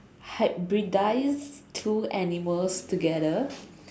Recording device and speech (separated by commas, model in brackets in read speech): standing microphone, conversation in separate rooms